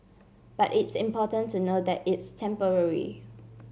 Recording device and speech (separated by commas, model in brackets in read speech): mobile phone (Samsung C7), read sentence